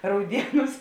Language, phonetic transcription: Lithuanian, ˈraudieˌnūs

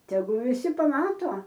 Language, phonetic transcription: Lithuanian, teˈgu viˈsi paˈmato

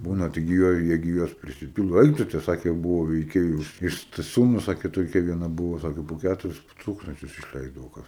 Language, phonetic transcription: Lithuanian, ˈbūna taigi ˈjuo ˈjie gi ˈjuos prisiˈpyldo ˈaik tu te ˈsakė ˈbuvo veiˈkėjų iš staˈsiūnu ˈsakė toˈkia vieˈna ˈbuvo ˈsakė po ˈkæturis ˈtūkstančius išˈleisdavo ˈkas

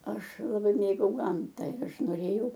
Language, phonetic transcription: Lithuanian, ˈaš laˈbai ˈmėgau ˈgamta ir ˈaš noˈrėjau

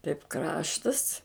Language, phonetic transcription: Lithuanian, taip ˈkraštas

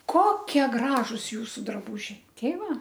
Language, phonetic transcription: Lithuanian, ˈkokie ˈgražus ˈjūsu draˈbūžiai ˈtei ˈva

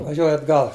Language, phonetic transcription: Lithuanian, vaˈžiuoju atˈgal

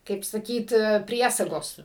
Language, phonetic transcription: Lithuanian, kaip saˈkyt ˈpriesagos

